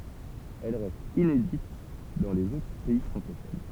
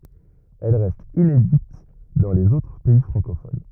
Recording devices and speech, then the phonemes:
temple vibration pickup, rigid in-ear microphone, read sentence
ɛl ʁɛst inedit dɑ̃ lez otʁ pɛi fʁɑ̃kofon

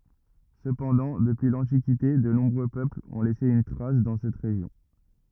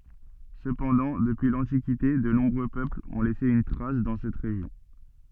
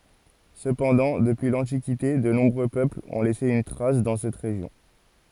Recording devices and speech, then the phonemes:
rigid in-ear microphone, soft in-ear microphone, forehead accelerometer, read sentence
səpɑ̃dɑ̃ dəpyi lɑ̃tikite də nɔ̃bʁø pøplz ɔ̃ lɛse yn tʁas dɑ̃ sɛt ʁeʒjɔ̃

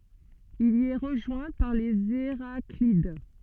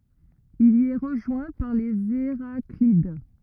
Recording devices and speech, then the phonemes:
soft in-ear microphone, rigid in-ear microphone, read sentence
il i ɛ ʁəʒwɛ̃ paʁ lez eʁaklid

